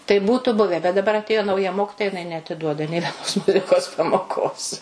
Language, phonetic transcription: Lithuanian, tai ˈbūtu ˈbuve bet daˈbar atˈėjo nauˈja ˈmokitoja jiˈnai neatiˈduoda nė veˈnos ˈmuzikos pamoˈkos

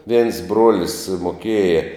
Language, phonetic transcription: Lithuanian, viens ˈbruolis moˈkieja

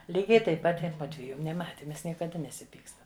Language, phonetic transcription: Lithuanian, ˈlygiai taip ˈpat i ˈmudvieju neˈmati ˈmes niekaˈda nesiˈpykstam

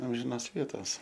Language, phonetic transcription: Lithuanian, ˈamžinas ˈvietas

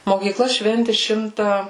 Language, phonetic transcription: Lithuanian, mokyˈkla ˈšventi ˈšimta

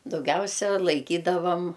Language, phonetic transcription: Lithuanian, dauˈgiausia laiˈkydavam

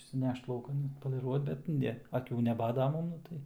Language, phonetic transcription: Lithuanian, išsiˈnešt lauˈkan atpoliˈruot bet ˈne aˈkių neˈbado ˈman ˈnu tai

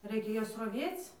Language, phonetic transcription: Lithuanian, ˈraikia ˈjuos raˈvėc

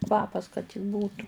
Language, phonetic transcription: Lithuanian, ˈkvapas kad tik ˈbūtu

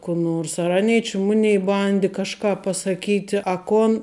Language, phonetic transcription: Lithuanian, ku ˈnors ar ˈanei či ˈmunei ˈbandi kažˈką pasaˈkyti a ˈkon

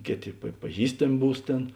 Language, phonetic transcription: Lithuanian, ˈkėˌtė pa paˈžįstam' ˈbūs ˈtėn

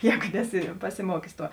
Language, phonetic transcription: Lithuanian, ˈjēgu ˈneˌsi pasiˈmuokius ˈtuo

